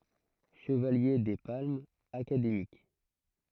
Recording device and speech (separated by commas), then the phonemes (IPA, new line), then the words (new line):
throat microphone, read sentence
ʃəvalje de palmz akademik
Chevalier des Palmes Académiques.